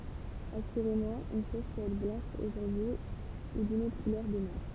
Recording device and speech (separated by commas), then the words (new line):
temple vibration pickup, read sentence
Assurément, une chose peut être blanche aujourd’hui ou d’une autre couleur demain.